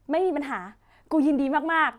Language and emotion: Thai, happy